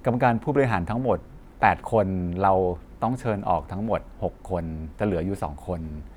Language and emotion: Thai, neutral